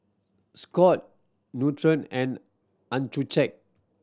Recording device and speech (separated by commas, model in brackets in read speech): standing microphone (AKG C214), read sentence